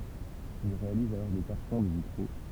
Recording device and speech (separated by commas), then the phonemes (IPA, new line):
temple vibration pickup, read sentence
il ʁealiz alɔʁ de kaʁtɔ̃ də vitʁo